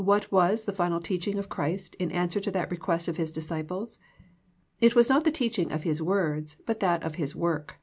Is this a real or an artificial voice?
real